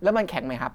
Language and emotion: Thai, angry